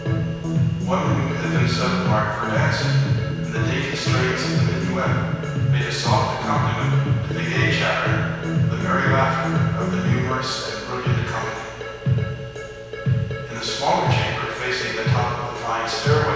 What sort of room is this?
A big, very reverberant room.